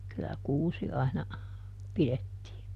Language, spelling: Finnish, kyllä kuusi aina pidettiin
- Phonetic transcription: kyllä "kuusi aina , ˈpilettii .

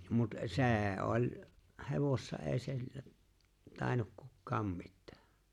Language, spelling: Finnish, mutta se oli hevosessa ei - tainnut kukaan mitään
- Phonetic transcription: mut "se̬e̬ '’oĺ , "hevossa '’ee si̬l- , 'tàennuk "kukkaam 'mittᴀ̈ᴀ̈ .

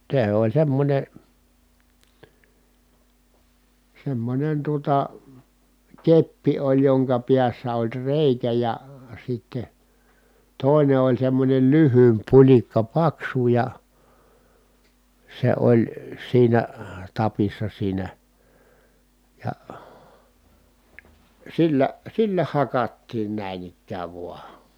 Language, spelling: Finnish, se oli semmoinen semmoinen tuota keppi oli jonka päässä oli reikä ja sitten toinen oli semmoinen lyhyempi pulikka paksu ja se oli siinä tapissa siinä ja sillä sillä hakattiin näin ikään vain
- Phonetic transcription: se oĺ semmońe , semmońen tuota , keppi oĺ joŋka piässä oĺ rèikä ja , sitte , tòine oĺ semmońen lyhyymp puĺikka paksu ja , se oĺ , siinä , tapissa siinä , ja , sillä , sillä hakattiin nä̀i̮n ‿ikkääv vua .

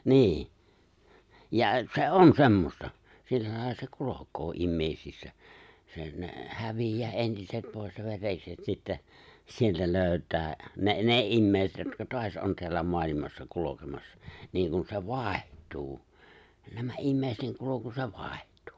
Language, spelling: Finnish, niin ja se on semmoista sillä lailla se kulkee ihmisissä se ne häviää entiset pois ja verekset sitten sieltä löytää ne ne ihmiset jotka taas on täällä maailmassa kulkemassa niin kuin se vaihtuu nämä ihmisten kulku se vaihtuu
- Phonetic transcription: 'ni̬i̬ , ja , 'se "’on semmosta , 'sillä lài̬lla se 'kulok̀oo 'immèisissä , se , ne , 'hävij̀ää '’entiset 'pòes ja 've̬rekset sittä , sieltä 'lö̀yt̀ää , 'ne’ "ne '’immèiset jotka 'toas ’on teällä 'moalimassa 'kulokemassa , 'niiŋkun se "vài̬htuu , nämä 'immèisten 'kuloku se 'vài̬htᴜᴜ .

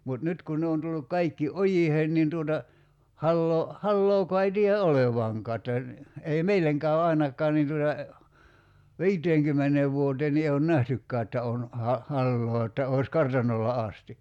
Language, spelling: Finnish, mutta nyt kun ne on tullut kaikki ojiin niin tuota hallaa hallaakaan ei tiedä olevankaan että niin ei meille käy ainakaan niin tuota viiteenkymmeneen vuoteen niin ei ole nähtykään että on - hallaa että olisi kartanolla asti
- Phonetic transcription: mut 'nyt kun 'ne on tulluk 'kaikki "’ojiheen nin tuota , 'halloo , 'hallookoa ei tii₍ä "’olevaŋkaa että (ni) , 'ei "meileŋ käö 'ai̬nakkaa nin tuta , "vi̬iteeŋkymmeneev 'vuoteen ni ee on "nähtykkää että on , ha- , 'halloo että òi̬s 'kartan̆nolla 'asti .

